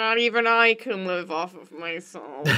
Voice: in a silly voice